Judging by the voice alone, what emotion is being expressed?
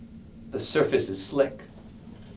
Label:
neutral